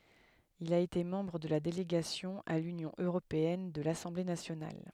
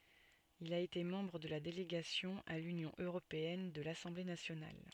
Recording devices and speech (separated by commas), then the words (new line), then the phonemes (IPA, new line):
headset microphone, soft in-ear microphone, read sentence
Il a été membre de la Délégation à l'Union européenne de l'Assemblée nationale.
il a ete mɑ̃bʁ də la deleɡasjɔ̃ a lynjɔ̃ øʁopeɛn də lasɑ̃ble nasjonal